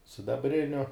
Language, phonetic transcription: Lithuanian, sidabˈriniu

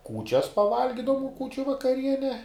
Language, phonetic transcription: Lithuanian, ˈkūčias paˈvalgidavum ˈkūčiu vakaˈriene

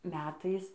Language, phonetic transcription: Lithuanian, ˈmetais

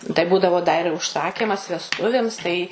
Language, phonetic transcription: Lithuanian, tai ˈbūdavo da ir užˈsakimas vesˈtuvėms tai

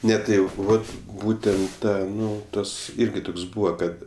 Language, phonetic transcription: Lithuanian, ˈne tai ˈjau ˈvat ˈbūtent ˈtą ˈnu ˈtas ˈirgi ˈtuks ˈbūva ˈkad

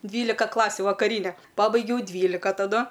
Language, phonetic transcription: Lithuanian, ˈdvylika ˈklasiu vakaˈryne ˈpabaigiau ˈdvylika taˈdu

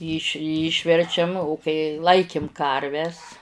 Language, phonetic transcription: Lithuanian, yš ˈyšverčiam o kai ˈlaikim ˈkarves

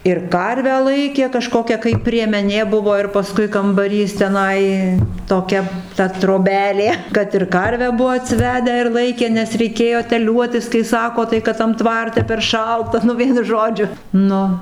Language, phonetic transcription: Lithuanian, ir ˈkarvę ˈlaikė kaˈžkokia kai priemeˈnė ˈbuvo ir paˈskui kambaˈrys teˈnai toˈkia ta troˈbelė ˈkad ir ˈkarvę ˈbuvo atsiˈvedę ir ˈlaikė nes reiˈkėjo teˈliuotis kai ˈsako tai ˈkad tam ˈtvarte per ˈšalta nu ˈvienu ˈžodžiu ˈnu

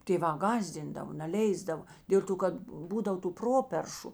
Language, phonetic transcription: Lithuanian, tėˈvā ˈgąsdindavo neˈleisdavo ˈdėl to kad ˈbūdav tų ˈproperšu

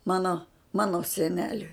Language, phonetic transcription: Lithuanian, ˈmano ˈmano seˈneliui

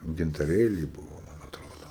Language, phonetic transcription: Lithuanian, gintaˈrėliai ˈbūvo ˈman atˈrodo

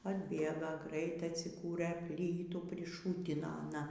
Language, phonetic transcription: Lithuanian, atˈbėga ˈgraitai atsiˈkūrɘ ˈplytų priˈšūtino aˈna

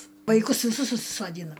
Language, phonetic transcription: Lithuanian, vaiˈkus viˈsus susisoˈdyna

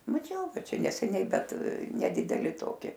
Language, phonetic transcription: Lithuanian, maˈčiau ˈbet ˈčia neseˈniai ˈbet neˈdideli ˈtoki

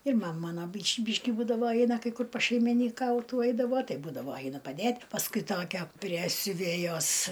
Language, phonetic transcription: Lithuanian, ir ˈmam ˈmana ˈbyš' ˈbyški ˈbūdavo ˈeina ˈkai ˈkur pašeiminyˈkautų ˈeidavo ˈtai ˈbūdavo ˈainu paˈdėt' pasˈkui ˈtokia prie siuˈvėjos

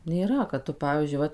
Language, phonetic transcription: Lithuanian, nėˈra kad ˈtu ˈpavyzdžiui ˈvat

